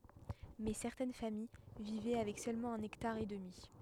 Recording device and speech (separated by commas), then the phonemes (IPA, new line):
headset microphone, read sentence
mɛ sɛʁtɛn famij vivɛ avɛk sølmɑ̃ œ̃n ɛktaʁ e dəmi